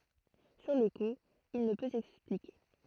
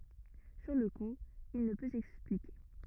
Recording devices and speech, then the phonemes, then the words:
throat microphone, rigid in-ear microphone, read sentence
syʁ lə ku il nə pø sɛksplike
Sur le coup, il ne peut s'expliquer.

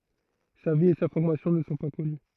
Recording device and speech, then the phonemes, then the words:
throat microphone, read sentence
sa vi e sa fɔʁmasjɔ̃ nə sɔ̃ pa kɔny
Sa vie et sa formation ne sont pas connues.

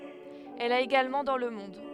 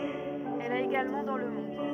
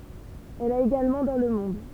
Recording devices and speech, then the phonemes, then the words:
headset microphone, rigid in-ear microphone, temple vibration pickup, read sentence
ɛl a eɡalmɑ̃ dɑ̃ lə mɔ̃d
Elle a également dans le monde.

